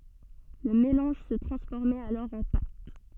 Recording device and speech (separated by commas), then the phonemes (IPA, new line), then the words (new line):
soft in-ear microphone, read sentence
lə melɑ̃ʒ sə tʁɑ̃sfɔʁmɛt alɔʁ ɑ̃ pat
Le mélange se transformait alors en pâte.